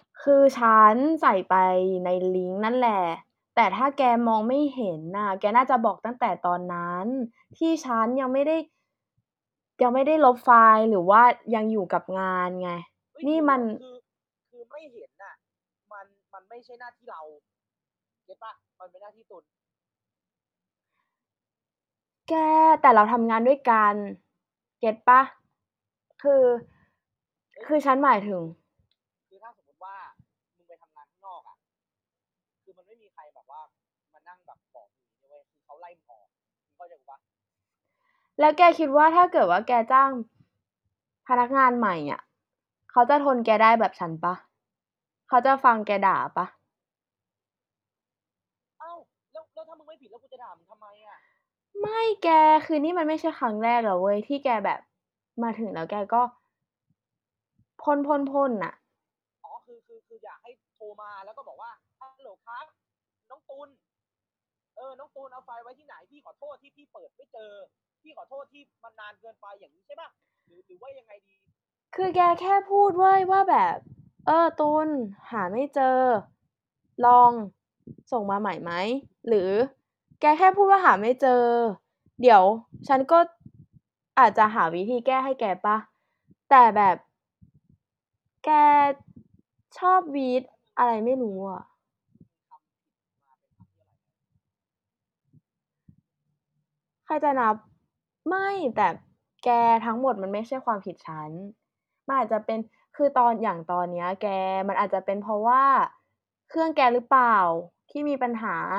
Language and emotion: Thai, frustrated